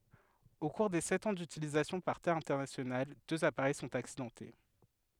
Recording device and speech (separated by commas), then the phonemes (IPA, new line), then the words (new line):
headset microphone, read sentence
o kuʁ de sɛt ɑ̃ dytilizasjɔ̃ paʁ te ɛ̃tɛʁnasjonal døz apaʁɛj sɔ̃t aksidɑ̃te
Au cours des sept ans d'utilisation par Thai International, deux appareils sont accidentés.